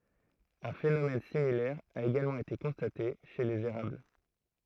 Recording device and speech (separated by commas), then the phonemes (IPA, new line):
throat microphone, read sentence
œ̃ fenomɛn similɛʁ a eɡalmɑ̃ ete kɔ̃state ʃe lez eʁabl